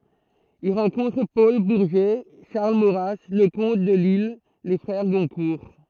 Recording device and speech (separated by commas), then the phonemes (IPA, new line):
throat microphone, read sentence
il ʁɑ̃kɔ̃tʁ pɔl buʁʒɛ ʃaʁl moʁa ləkɔ̃t də lisl le fʁɛʁ ɡɔ̃kuʁ